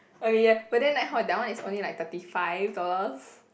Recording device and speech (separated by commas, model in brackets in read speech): boundary microphone, conversation in the same room